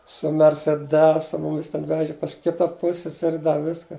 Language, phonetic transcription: Lithuanian, su merseˈdesu ˈmumis ten ˈveži pas ˈkita ˈpusseseri ˈda ˈviska

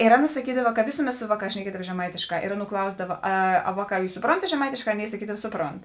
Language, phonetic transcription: Lithuanian, ir ˈaˌna saˈkydava ka ˈvėsuˌmet ˈsu ˈvaˌkās šneˈkiedava žeˈmaitėšˌkā ir ˈaˌnų ˈklausdava ˈa ˈa ˈvaˌkā ˈjūs suˈprontat žeˈmaitėšˌkā ˈaˌnėi saˈkydava ˈsuˌpront

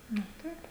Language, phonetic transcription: Lithuanian, ˈnu ˈtaip

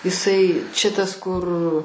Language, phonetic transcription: Lithuanian, iˈsai ˈčia tas ˈkur

